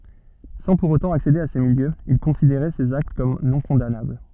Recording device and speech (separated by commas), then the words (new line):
soft in-ear microphone, read sentence
Sans pour autant accéder à ces milieux, il considérait ces actes comme non-condamnables.